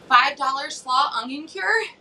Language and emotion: English, surprised